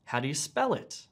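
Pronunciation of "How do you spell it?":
In 'How do you spell it?', the intonation rises and then falls.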